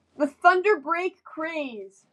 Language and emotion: English, sad